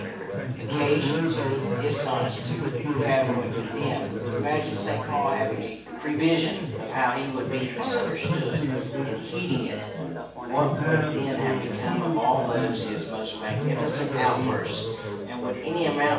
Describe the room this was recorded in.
A spacious room.